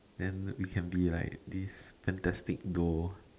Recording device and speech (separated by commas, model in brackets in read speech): standing microphone, conversation in separate rooms